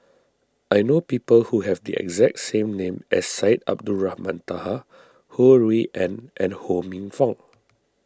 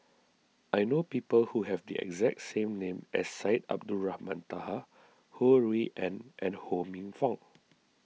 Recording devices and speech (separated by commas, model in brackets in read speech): standing microphone (AKG C214), mobile phone (iPhone 6), read sentence